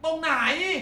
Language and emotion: Thai, angry